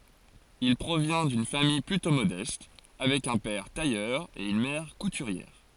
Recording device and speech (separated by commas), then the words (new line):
forehead accelerometer, read sentence
Il provient d'une famille plutôt modeste, avec un père tailleur et une mère couturière.